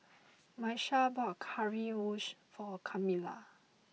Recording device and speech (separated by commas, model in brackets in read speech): mobile phone (iPhone 6), read sentence